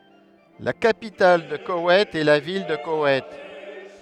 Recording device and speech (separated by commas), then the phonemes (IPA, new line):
headset microphone, read sentence
la kapital də kowɛjt ɛ la vil də kowɛjt